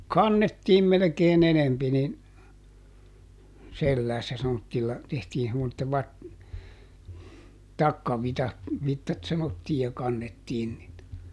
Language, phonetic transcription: Finnish, "kannettiim melᵉkeeˈn ‿enempi nin , ˈselläässä semmottilla , ˈtehtii semmotte vat- , "takkavitat , -vittat ˈsanottii ja ˈkannettiin nii(tä) .
- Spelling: kannettiin melkein enempi niin selässä semmoisilla tehtiin semmoiset - takkavitsat vitsat sanottiin ja kannettiin niitä

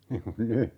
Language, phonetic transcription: Finnish, 'niŋ kun "ny .
- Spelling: niin kuin nyt

